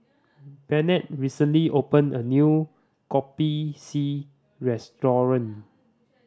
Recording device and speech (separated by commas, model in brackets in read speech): standing microphone (AKG C214), read sentence